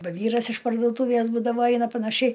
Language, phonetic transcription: Lithuanian, ˈba ˈvyras iš parduoˈtūvės ˈbūdavo ˈaina panaˈšiai

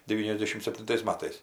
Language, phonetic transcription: Lithuanian, deˈvyniasˌdešim septinˈtais ˈmatais

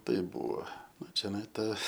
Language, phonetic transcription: Lithuanian, ˈtai ˈbuvo ˈnu čeˈnai ˈta

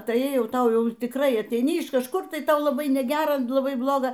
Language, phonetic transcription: Lithuanian, ˈtai ˈjau ˈtau ˈjau tikˈrai ateiˈni iš kažˈkur ˈtai ˈtau laˈbai neˈgera laˈbai ˈbloga

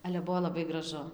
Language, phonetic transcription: Lithuanian, ˈale ˈbuvo laˈbai graˈžu

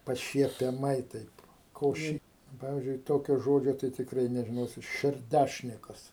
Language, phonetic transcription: Lithuanian, pašiepiaˈmai ˈtaip ko ˈši ˈpavizdžiui ˈtokio ˈžodžio tai tikˈrai nežiˈnosit šerˈdæšnikas

